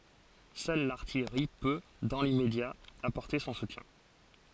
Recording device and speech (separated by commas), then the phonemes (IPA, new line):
forehead accelerometer, read sentence
sœl laʁtijʁi pø dɑ̃ limmedja apɔʁte sɔ̃ sutjɛ̃